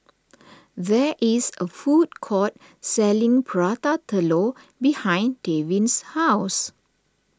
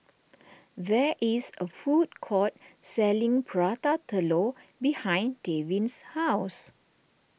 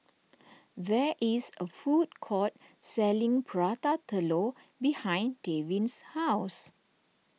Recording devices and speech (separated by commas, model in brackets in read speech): standing microphone (AKG C214), boundary microphone (BM630), mobile phone (iPhone 6), read sentence